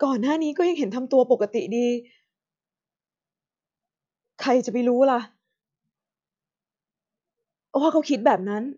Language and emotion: Thai, sad